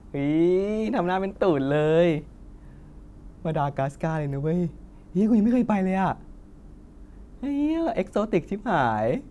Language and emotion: Thai, happy